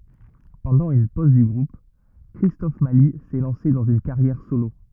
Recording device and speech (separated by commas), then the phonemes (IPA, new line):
rigid in-ear microphone, read sentence
pɑ̃dɑ̃ yn poz dy ɡʁup kʁistɔf mali sɛ lɑ̃se dɑ̃z yn kaʁjɛʁ solo